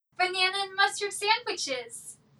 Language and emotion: English, happy